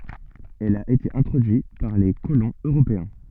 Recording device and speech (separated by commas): soft in-ear microphone, read sentence